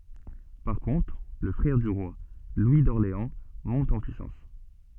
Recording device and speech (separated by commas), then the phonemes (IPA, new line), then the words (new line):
soft in-ear microphone, read sentence
paʁ kɔ̃tʁ lə fʁɛʁ dy ʁwa lwi dɔʁleɑ̃ mɔ̃t ɑ̃ pyisɑ̃s
Par contre, le frère du roi, Louis d'Orléans, monte en puissance.